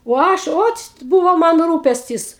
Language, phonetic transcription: Lithuanian, o ˈaš ˈočt ˈbūvo ˈman ˈrūpestis

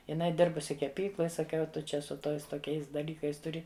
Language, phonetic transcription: Lithuanian, jiˈnai ˈdirbusi keˈpykloj saˈkiau ˈtu čia su ˈtois toˈkiais daˈlykais tuˈri

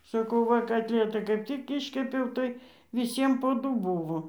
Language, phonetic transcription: Lithuanian, saˈkau ˈva katˈlietai kaip tik ˈiškepiau tai viˈsiem po ˈdu ˈbūvo

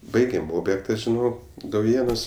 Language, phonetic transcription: Lithuanian, ˈbaigėm ˈobjekta žiˈno dauˈjėnuos

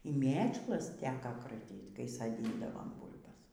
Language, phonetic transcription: Lithuanian, y ˈmėčlas ˈteka kraˈtyt kai saˈdyndavam ˈbūlbas

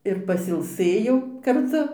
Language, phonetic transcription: Lithuanian, ir pasilˈsɘjau karˈtu

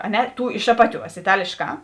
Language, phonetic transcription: Lithuanian, a ˈne ˈtų iš ˈapaˌtiuos iˈtalėšˌkā

